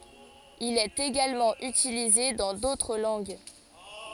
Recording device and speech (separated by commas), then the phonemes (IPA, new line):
forehead accelerometer, read sentence
il ɛt eɡalmɑ̃ ytilize dɑ̃ dotʁ lɑ̃ɡ